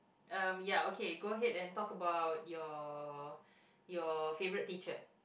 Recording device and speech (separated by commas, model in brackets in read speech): boundary microphone, conversation in the same room